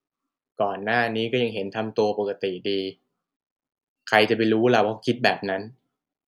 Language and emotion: Thai, frustrated